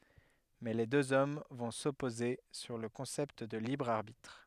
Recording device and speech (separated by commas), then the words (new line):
headset microphone, read sentence
Mais les deux hommes vont s’opposer sur le concept de libre arbitre.